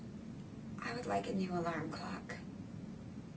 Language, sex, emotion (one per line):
English
female
neutral